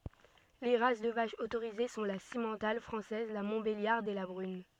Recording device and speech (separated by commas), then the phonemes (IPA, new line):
soft in-ear microphone, read sentence
le ʁas də vaʃz otoʁize sɔ̃ la simmɑ̃tal fʁɑ̃sɛz la mɔ̃tbeljaʁd e la bʁyn